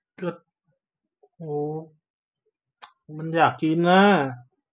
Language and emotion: Thai, frustrated